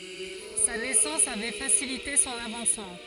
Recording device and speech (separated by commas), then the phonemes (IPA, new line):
forehead accelerometer, read sentence
sa nɛsɑ̃s avɛ fasilite sɔ̃n avɑ̃smɑ̃